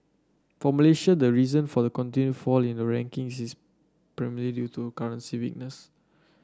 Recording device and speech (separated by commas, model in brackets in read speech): standing microphone (AKG C214), read sentence